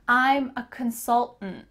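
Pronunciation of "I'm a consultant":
In 'consultant', the last syllable is swallowed.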